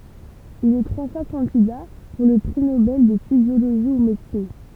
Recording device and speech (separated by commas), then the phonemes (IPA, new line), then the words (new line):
temple vibration pickup, read sentence
il ɛ tʁwa fwa kɑ̃dida puʁ lə pʁi nobɛl də fizjoloʒi u medəsin
Il est trois fois candidat pour le prix Nobel de physiologie ou médecine.